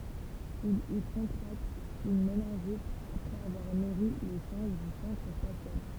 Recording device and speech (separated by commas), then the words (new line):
temple vibration pickup, read sentence
Il y contracte une méningite après avoir nourri les singes du centre spatial.